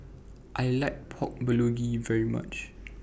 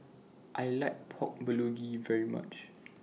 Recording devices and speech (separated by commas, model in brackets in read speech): boundary microphone (BM630), mobile phone (iPhone 6), read sentence